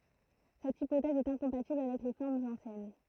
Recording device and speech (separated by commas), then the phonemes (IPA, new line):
throat microphone, read sentence
sɛt ipotɛz ɛt ɛ̃kɔ̃patibl avɛk le fɔʁmz ɑ̃sjɛn